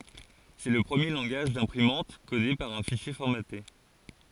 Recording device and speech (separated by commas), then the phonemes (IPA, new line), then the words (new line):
forehead accelerometer, read sentence
sɛ lə pʁəmje lɑ̃ɡaʒ dɛ̃pʁimɑ̃t kode paʁ œ̃ fiʃje fɔʁmate
C'est le premier langage d'imprimante codé par un fichier formaté.